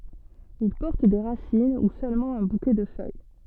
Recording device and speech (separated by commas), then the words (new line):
soft in-ear microphone, read sentence
Ils portent des racines ou seulement un bouquet de feuilles.